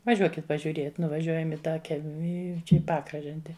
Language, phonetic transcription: Lithuanian, vaˈžiuokit pažiuˈriet nuvaˈžiuojam i tą ˈkelmi i ˈčia i ˈpakražante

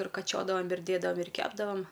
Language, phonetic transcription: Lithuanian, ir kaˈčiodavom ir ˈdėdavam ir ˈkepdavam

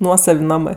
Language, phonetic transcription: Lithuanian, ˈnuosav' ˈnamɜ

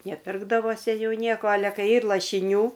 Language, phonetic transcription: Lithuanian, neˈpirkdavosi ˈjų ˈnieko ˈale ˈkai ˈyr lašiˈnių

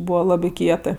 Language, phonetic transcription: Lithuanian, ˈbūva ˈlabi ˈkietɜ

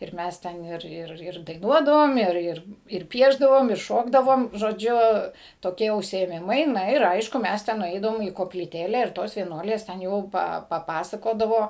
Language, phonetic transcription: Lithuanian, ir ˈmæs ˈten ˈir ˈir ˈir daiˈnuodavom ˈir ˈir ir ˈpiešdavom ir ˈšokdavom žoˈdžiu toˈkie užsiėˈmimai ˈna ir ˈaišku ˈmes ten nuˈeidavom į koplyˈtėle ir ˈtos vieˈnuolės ten ˈjau ˈpa paˈpasakodavo

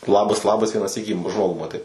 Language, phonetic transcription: Lithuanian, ˈlabas ˈlabas vieną ˈsykį ˈžmogų maˈtai

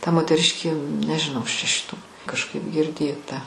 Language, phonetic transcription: Lithuanian, ta moteˈriškė nežiˈnau ˈaš čia šiˈtų kažˈkaip girˈdėta

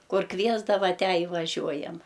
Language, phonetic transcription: Lithuanian, ˈkur ˈkviesdava ˈtę i vaˈžiuojam

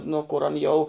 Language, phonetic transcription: Lithuanian, ˈnu kur an ˈjau

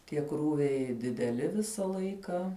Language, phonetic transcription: Lithuanian, tie ˈkrūviai dideˈli ˈvisa ˈlaika

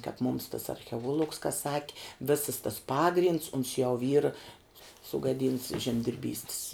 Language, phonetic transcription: Lithuanian, kāp mum tas archeˈuolugs ka ˈsaki ˈvisas tas ˈpagrinds uns jau yr sugaˈdynts žemdirˈbystis

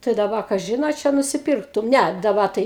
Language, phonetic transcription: Lithuanian, tai daˈba kaˈžin a ˈčia nusiˈpirktum ˈne daˈba tai

